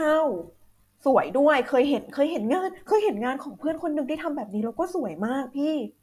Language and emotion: Thai, happy